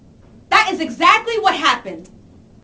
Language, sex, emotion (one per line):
English
female
angry